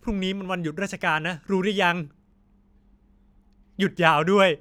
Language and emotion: Thai, frustrated